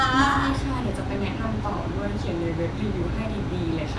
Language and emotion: Thai, happy